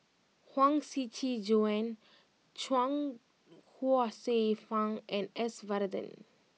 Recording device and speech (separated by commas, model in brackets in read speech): mobile phone (iPhone 6), read sentence